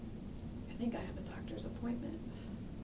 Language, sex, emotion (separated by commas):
English, female, neutral